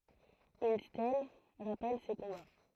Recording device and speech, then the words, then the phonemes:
throat microphone, read sentence
Une stèle rappelle ces combats.
yn stɛl ʁapɛl se kɔ̃ba

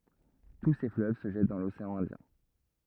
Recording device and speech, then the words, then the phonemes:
rigid in-ear microphone, read sentence
Tous ces fleuves se jettent dans l'océan Indien.
tu se fløv sə ʒɛt dɑ̃ loseɑ̃ ɛ̃djɛ̃

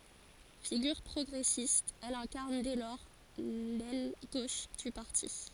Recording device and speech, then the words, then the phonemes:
forehead accelerometer, read sentence
Figure progressiste, elle incarne dès lors l'aile gauche du parti.
fiɡyʁ pʁɔɡʁɛsist ɛl ɛ̃kaʁn dɛ lɔʁ lɛl ɡoʃ dy paʁti

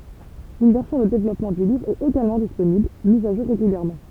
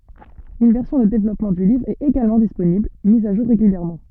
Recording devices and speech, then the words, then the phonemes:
temple vibration pickup, soft in-ear microphone, read sentence
Une version de développement du livre est également disponible, mise à jour régulièrement.
yn vɛʁsjɔ̃ də devlɔpmɑ̃ dy livʁ ɛt eɡalmɑ̃ disponibl miz a ʒuʁ ʁeɡyljɛʁmɑ̃

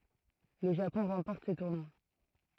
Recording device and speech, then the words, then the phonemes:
throat microphone, read sentence
Le Japon remporte ce tournoi.
lə ʒapɔ̃ ʁɑ̃pɔʁt sə tuʁnwa

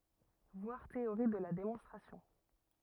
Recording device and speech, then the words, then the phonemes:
rigid in-ear microphone, read sentence
Voir Théorie de la démonstration.
vwaʁ teoʁi də la demɔ̃stʁasjɔ̃

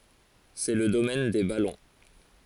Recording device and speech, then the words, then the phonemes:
forehead accelerometer, read sentence
C'est le domaine des ballons.
sɛ lə domɛn de balɔ̃

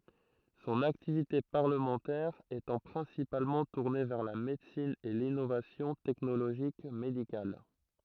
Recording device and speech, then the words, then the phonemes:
throat microphone, read sentence
Son activité parlementaire étant principalement tourné vers la médecine et l'innovation technologique médicale.
sɔ̃n aktivite paʁləmɑ̃tɛʁ etɑ̃ pʁɛ̃sipalmɑ̃ tuʁne vɛʁ la medəsin e linovasjɔ̃ tɛknoloʒik medikal

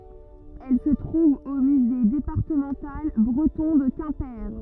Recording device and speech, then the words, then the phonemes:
rigid in-ear microphone, read sentence
Elle se trouve au Musée départemental breton de Quimper.
ɛl sə tʁuv o myze depaʁtəmɑ̃tal bʁətɔ̃ də kɛ̃pe

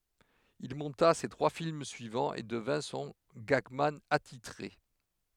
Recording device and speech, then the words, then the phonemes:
headset microphone, read sentence
Il monta ses trois films suivants, et devint son gagman attitré.
il mɔ̃ta se tʁwa film syivɑ̃z e dəvɛ̃ sɔ̃ ɡaɡman atitʁe

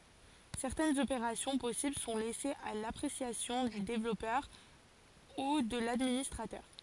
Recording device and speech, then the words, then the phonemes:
forehead accelerometer, read sentence
Certaines opérations possibles sont laissées à l'appréciation du développeur ou de l'administrateur.
sɛʁtɛnz opeʁasjɔ̃ pɔsibl sɔ̃ lɛsez a lapʁesjasjɔ̃ dy devlɔpœʁ u də ladministʁatœʁ

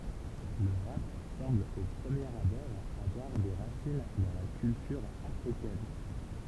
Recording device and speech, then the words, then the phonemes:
temple vibration pickup, read sentence
Le rap semble au premier abord avoir des racines dans la culture africaine.
lə ʁap sɑ̃bl o pʁəmjeʁ abɔʁ avwaʁ de ʁasin dɑ̃ la kyltyʁ afʁikɛn

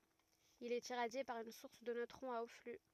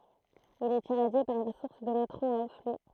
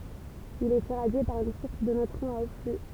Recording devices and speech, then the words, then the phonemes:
rigid in-ear microphone, throat microphone, temple vibration pickup, read sentence
Il est irradié par une source de neutrons à haut flux.
il ɛt iʁadje paʁ yn suʁs də nøtʁɔ̃z a o fly

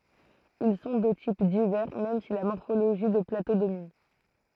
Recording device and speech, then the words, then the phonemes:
throat microphone, read sentence
Ils sont de types divers même si la morphologie de plateaux domine.
il sɔ̃ də tip divɛʁ mɛm si la mɔʁfoloʒi də plato domin

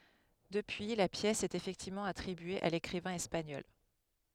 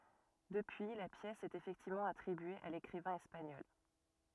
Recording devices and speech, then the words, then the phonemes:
headset microphone, rigid in-ear microphone, read sentence
Depuis, la pièce est effectivement attribuée à l'écrivain espagnol.
dəpyi la pjɛs ɛt efɛktivmɑ̃ atʁibye a lekʁivɛ̃ ɛspaɲɔl

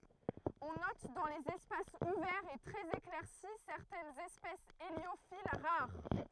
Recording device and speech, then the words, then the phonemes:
throat microphone, read sentence
On note dans les espaces ouverts et très éclaircis certaines espèces héliophiles, rares.
ɔ̃ nɔt dɑ̃ lez ɛspasz uvɛʁz e tʁɛz eklɛʁsi sɛʁtɛnz ɛspɛsz eljofil ʁaʁ

